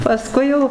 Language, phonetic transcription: Lithuanian, paˈskui jau

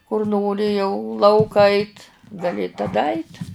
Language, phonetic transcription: Lithuanian, kur ˈnori jau ˈlauka ˈait' gaˈli taˈda ait'

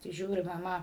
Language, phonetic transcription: Lithuanian, tai ˈžiūri maˈma

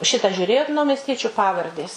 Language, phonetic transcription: Lithuanian, ˈšitą žiūˈrėjot naumesˈtiečiu ˈpavardės

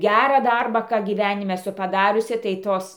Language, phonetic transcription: Lithuanian, ˈgærą ˈdarbą ˈką gyˈvænime eˈsu paˈdariusi tai ˈtos

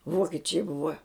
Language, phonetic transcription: Lithuanian, ˈvokičiai ˈbuva

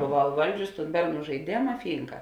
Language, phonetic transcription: Lithuanian, boˈvau iˈvaldžiusi tūn ˈberˌnų žaiˈdėma ˈfynka

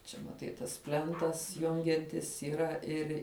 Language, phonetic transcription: Lithuanian, ˈčia maˈtai tas ˈplentas ˈjungiantis yˈra ˈir'

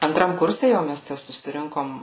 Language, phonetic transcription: Lithuanian, anˈtram ˈkurse ˈjau mes ˈtæ susiˈrinkom

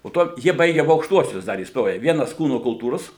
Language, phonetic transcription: Lithuanian, po ˈto ˈjie ˈbaige aˈbu aukšˈtuosius ˈdar įsˈtoje ˈvienas ˈkūno kulˈtūros

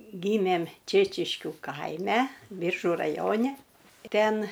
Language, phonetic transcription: Lithuanian, ˈgymėm ˈčėčiškiu ˈkaime ˈbyržu raˈjoni ˈten

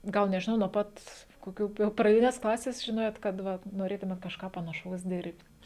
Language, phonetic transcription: Lithuanian, ˈgal nežiˈnau nuo ˈpat koˈkių jau praˈdines ˈklases žiˈnojot kad ˈva noˈrėtumėt kažˈką panaˈšaus ˈdir'b't'

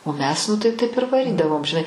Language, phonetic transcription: Lithuanian, o ˈmes nu tai ˈtaip ir vaˈrydavom žiˈnai

